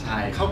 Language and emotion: Thai, neutral